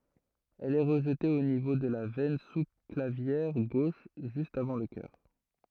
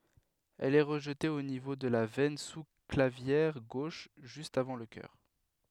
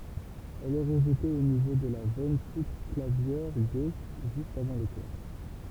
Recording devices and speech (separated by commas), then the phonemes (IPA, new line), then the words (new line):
throat microphone, headset microphone, temple vibration pickup, read sentence
ɛl ɛ ʁəʒte o nivo də la vɛn su klavjɛʁ ɡoʃ ʒyst avɑ̃ lə kœʁ
Elle est rejetée au niveau de la veine sous-clavière gauche, juste avant le cœur.